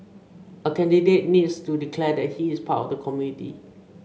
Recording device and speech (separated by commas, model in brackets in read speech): mobile phone (Samsung C5), read sentence